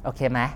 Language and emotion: Thai, neutral